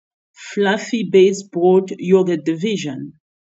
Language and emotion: English, neutral